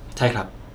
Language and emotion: Thai, neutral